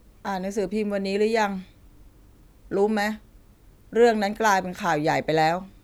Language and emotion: Thai, frustrated